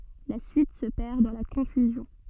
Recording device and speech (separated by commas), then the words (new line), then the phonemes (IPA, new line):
soft in-ear microphone, read sentence
La suite se perd dans la confusion.
la syit sə pɛʁ dɑ̃ la kɔ̃fyzjɔ̃